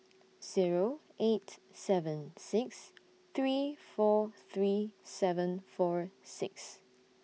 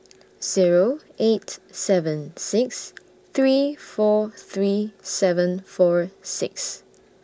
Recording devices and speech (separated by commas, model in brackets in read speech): mobile phone (iPhone 6), standing microphone (AKG C214), read sentence